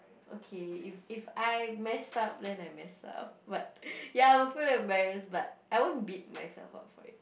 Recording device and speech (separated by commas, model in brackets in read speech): boundary microphone, conversation in the same room